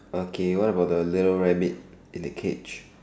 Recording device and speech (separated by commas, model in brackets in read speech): standing microphone, conversation in separate rooms